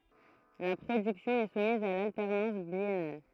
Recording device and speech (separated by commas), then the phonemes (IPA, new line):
throat microphone, read sentence
la pʁodyksjɔ̃ ɛ sumiz a laltɛʁnɑ̃s bjɛnal